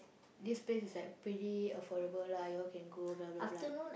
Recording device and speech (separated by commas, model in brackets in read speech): boundary microphone, conversation in the same room